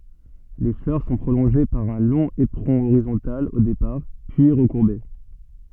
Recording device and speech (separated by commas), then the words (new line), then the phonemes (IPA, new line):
soft in-ear microphone, read sentence
Les fleurs sont prolongées par un long éperon horizontal au départ, puis recourbé.
le flœʁ sɔ̃ pʁolɔ̃ʒe paʁ œ̃ lɔ̃ epʁɔ̃ oʁizɔ̃tal o depaʁ pyi ʁəkuʁbe